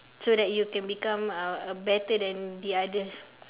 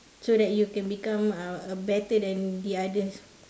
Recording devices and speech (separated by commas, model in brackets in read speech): telephone, standing microphone, conversation in separate rooms